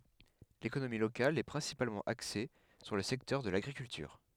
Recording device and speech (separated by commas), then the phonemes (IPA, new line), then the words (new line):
headset microphone, read sentence
lekonomi lokal ɛ pʁɛ̃sipalmɑ̃ akse syʁ lə sɛktœʁ də laɡʁikyltyʁ
L'économie locale est principalement axée sur le secteur de l'agriculture.